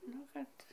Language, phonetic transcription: Lithuanian, ˈnu kad

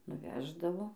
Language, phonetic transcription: Lithuanian, nuˈveždavo

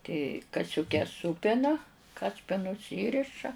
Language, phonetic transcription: Lithuanian, ti kasiuˈkes ˈsūpina ˈkaspinus ˈįriša

